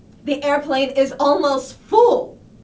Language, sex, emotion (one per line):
English
female
angry